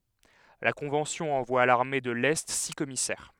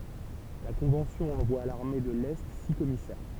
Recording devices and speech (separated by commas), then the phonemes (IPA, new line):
headset microphone, temple vibration pickup, read sentence
la kɔ̃vɑ̃sjɔ̃ ɑ̃vwa a laʁme də lɛ si kɔmisɛʁ